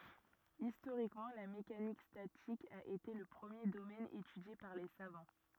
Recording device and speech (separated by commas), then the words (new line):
rigid in-ear microphone, read sentence
Historiquement, la mécanique statique a été le premier domaine étudié par les savants.